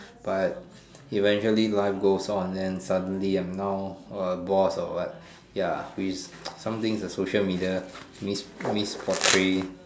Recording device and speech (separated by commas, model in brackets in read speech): standing microphone, conversation in separate rooms